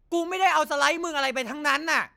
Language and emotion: Thai, angry